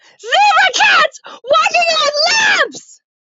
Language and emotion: English, sad